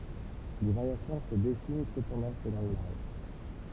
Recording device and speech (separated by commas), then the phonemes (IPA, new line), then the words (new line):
temple vibration pickup, read sentence
de vaʁjasjɔ̃ sə dɛsin səpɑ̃dɑ̃ səlɔ̃ laʒ
Des variations se dessinent cependant selon l'âge.